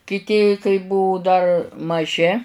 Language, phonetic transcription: Lithuanian, kiˈti kai ˈbuvu dar maˈži

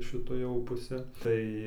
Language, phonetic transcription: Lithuanian, šiˈta jau puˈse tai

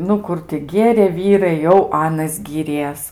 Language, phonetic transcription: Lithuanian, ˈnu ˈkur ti ˈgėrė ˈvyrai jau ˈanas gyˈries

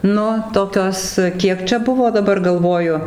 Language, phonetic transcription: Lithuanian, ˈnu ˈtokios ˈkiek čia ˈbuvo daˈbar galˈvoju

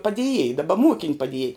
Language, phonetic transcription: Lithuanian, padėˈjėj daˈba ˈmokėn' paˈdėj

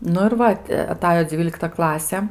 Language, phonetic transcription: Lithuanian, ˈnu ir ˈva ti aˈtajo ˈdzvylikta ˈklase

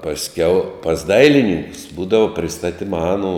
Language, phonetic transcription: Lithuanian, pasˈkiau pas ˈdailinynkus ˈbūdavo priˈstatima ˈaˌnū

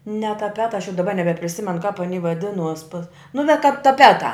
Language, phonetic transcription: Lithuanian, ne taˈpeta aš jau daˈba nebepriˈsimenu kap aˈny vaˈdinuos pas nu ne kap taˈpetā

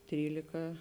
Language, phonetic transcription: Lithuanian, ˈtrylika

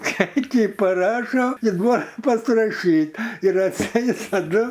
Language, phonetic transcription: Lithuanian, ˈčekį paˈrašo i duo pasiraˈšyt ir atˈseit taˈdu

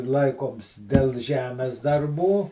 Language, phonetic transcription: Lithuanian, ˈlaikoms del ˈžemes darˈbų

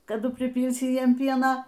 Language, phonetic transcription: Lithuanian, kaˈdu priˈpylsi ˈjiem ˈpiena

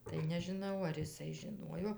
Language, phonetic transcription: Lithuanian, tai nežiˈnau ar iˈsai žiˈnuojo

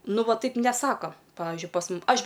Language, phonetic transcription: Lithuanian, ˈnu ˈva ˈtaip neˈsako ˈpavižiui pas ˈmum ˈaš

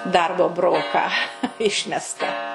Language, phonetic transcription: Lithuanian, ˈdarbo ˈbroką ˈišmesta

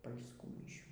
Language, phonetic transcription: Lithuanian, pal'sˈkų miˈšių

